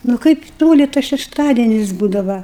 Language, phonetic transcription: Lithuanian, nu ˈkaip ˈtoli tas šešˈtadienis ˈbūdava

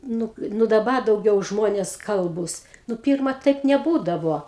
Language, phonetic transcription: Lithuanian, ˈnu ˈnu daˈba dauˈgiau ˈžmonės ˈkalbūs nu ˈpyrma ˈtaip neˈbūdavo

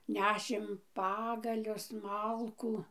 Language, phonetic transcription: Lithuanian, ˈnešėm ˈpagalius ˈmalkų

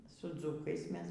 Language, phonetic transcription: Lithuanian, su ˈdzukais ˈmes

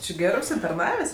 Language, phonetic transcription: Lithuanian, či ˈgerɜ užsitarˈnavės'

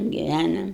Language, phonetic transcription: Lithuanian, giˈvænom

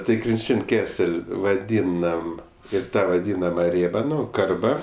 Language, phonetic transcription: Lithuanian, tai krinˈčin' ˈkesel' vaˈdynam ir ˈtą vaˈdynama ˈrėba ˈnu ˈkarba

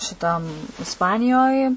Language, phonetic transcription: Lithuanian, šiˈtam isˈpanijoj

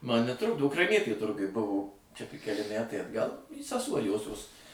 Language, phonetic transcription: Lithuanian, ˈman neˈtrukdo ukraiˈnietė ˈturguj ˈbuvo čia tik keˈli ˈmætai atˈgal seˈsuo ˈjosios

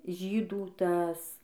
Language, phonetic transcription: Lithuanian, ˈžydų ˈtas

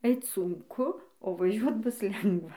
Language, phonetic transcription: Lithuanian, ˈeit sunˈku o vaˈžiuot ˈbus ˈlengva

